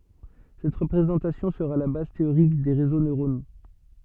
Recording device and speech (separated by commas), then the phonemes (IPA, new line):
soft in-ear microphone, read sentence
sɛt ʁəpʁezɑ̃tasjɔ̃ səʁa la baz teoʁik de ʁezo nøʁono